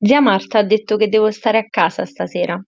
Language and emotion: Italian, neutral